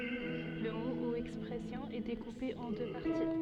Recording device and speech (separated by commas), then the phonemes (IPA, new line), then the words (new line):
soft in-ear microphone, read sentence
lə mo u ɛkspʁɛsjɔ̃ ɛ dekupe ɑ̃ dø paʁti
Le mot ou expression est découpé en deux parties.